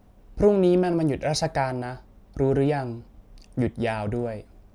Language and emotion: Thai, neutral